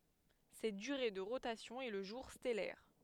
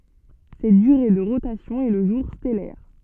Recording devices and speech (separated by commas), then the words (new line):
headset microphone, soft in-ear microphone, read sentence
Cette durée de rotation est le jour stellaire.